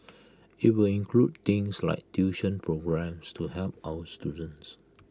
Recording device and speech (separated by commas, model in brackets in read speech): close-talking microphone (WH20), read sentence